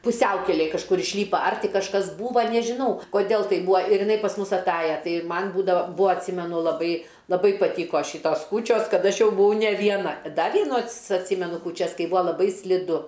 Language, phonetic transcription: Lithuanian, puˈsiaukelėj kažˈkur išˈlypa ar ˈtį kažˈkas ˈbūva nežiˈnau koˈdel ˈtaip ˈbūa ir jiˈnai pas ˈmus aˈtaja ˈtai ir ˈman ˈbūdava ˈbūa atˈsymenu laˈbai laˈbai paˈtyko ˈšitos ˈkūčios ˈkad ˈaš ˈjau buˈvau ne vieˈna ˈda vieˈnų ats atˈsymenu kūˈčias ˈkai ˈbūa laˈbai sliˈdu

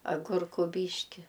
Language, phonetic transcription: Lithuanian, aˈgurku ˈbyški

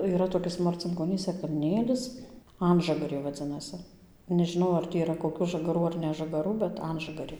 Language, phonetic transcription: Lithuanian, yˈra toˈkis marcinkoˈnyse kalˈnėlis ˈanžagarė vaˈdzinasi nežiˈnau ar ˈtį yˈra koˈkių žagaˈrų ar nežagaˈrų bet ˈanžagarė

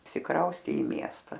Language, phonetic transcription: Lithuanian, išsiˈkraustė i ˈmiesta

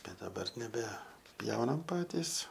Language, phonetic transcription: Lithuanian, ˈbet daˈbar nebeˈpjaunam ˈpatys

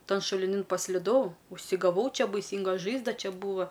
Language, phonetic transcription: Lithuanian, ˈtan šuliˈnin pasliˈdau užsigaˈvau ˈčia baiˈsynga ˈžaizda ˈčia ˈbūva

